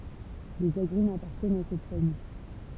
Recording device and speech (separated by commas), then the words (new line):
temple vibration pickup, read sentence
Les agrumes appartiennent à cette famille.